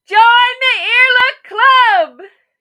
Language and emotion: English, happy